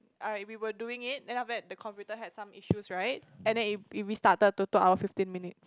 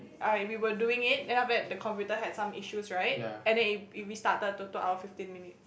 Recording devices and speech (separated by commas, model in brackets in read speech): close-talking microphone, boundary microphone, conversation in the same room